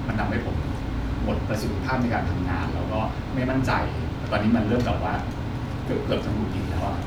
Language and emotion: Thai, frustrated